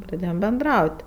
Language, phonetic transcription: Lithuanian, praˈdėjom benˈdraut'

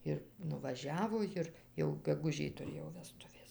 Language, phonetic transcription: Lithuanian, ˈir nuvaˈžiavo ˈjir jau geguˈžij tuˈrėjo veˈstuvės

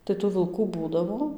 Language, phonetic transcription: Lithuanian, tai tų vilˈkų ˈbūdavo

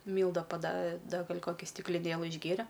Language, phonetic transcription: Lithuanian, ˈmylda paˈda ˈda ˈgal' koˈki stikliˈnėlɨ išˈgėre

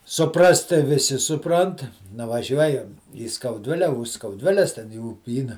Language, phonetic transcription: Lithuanian, suˈprast tai viˈsi suˈprant nuvaˈžiuojam į skauˈdvile už skauˈdviles ten i ūˈpyna

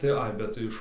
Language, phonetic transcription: Lithuanian, tai ˈai bet tai ˈiš

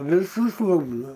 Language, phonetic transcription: Lithuanian, viˈsus ˈlūpda

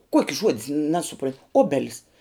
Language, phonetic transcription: Lithuanian, ˈkuoki ˈžuodis nesuˈpron' ˈobelis

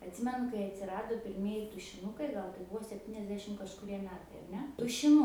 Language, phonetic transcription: Lithuanian, atˈsimenu kai atsiˈrado pirˈmieji tušiˈnukai ˈgal tai ˈbuvo sepˈtyniasdešim kažkuˈrie ˈmetai ar ˈne tušiˈnu

